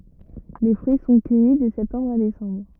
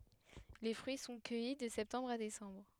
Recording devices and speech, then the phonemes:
rigid in-ear microphone, headset microphone, read sentence
le fʁyi sɔ̃ kœji də sɛptɑ̃bʁ a desɑ̃bʁ

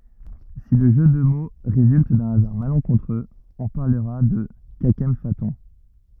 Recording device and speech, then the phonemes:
rigid in-ear microphone, read sentence
si lə ʒø də mo ʁezylt dœ̃ azaʁ malɑ̃kɔ̃tʁøz ɔ̃ paʁləʁa də kakɑ̃fatɔ̃

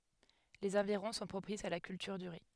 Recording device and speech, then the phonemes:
headset microphone, read sentence
lez ɑ̃viʁɔ̃ sɔ̃ pʁopisz a la kyltyʁ dy ʁi

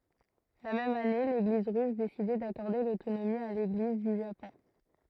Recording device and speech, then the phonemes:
throat microphone, read sentence
la mɛm ane leɡliz ʁys desidɛ dakɔʁde lotonomi a leɡliz dy ʒapɔ̃

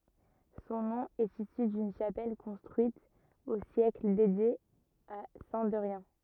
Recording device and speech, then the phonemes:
rigid in-ear microphone, read sentence
sɔ̃ nɔ̃ ɛt isy dyn ʃapɛl kɔ̃stʁyit o sjɛkl dedje a sɛ̃ dɛʁjɛ̃

